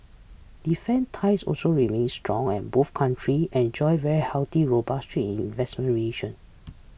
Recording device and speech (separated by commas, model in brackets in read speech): boundary microphone (BM630), read sentence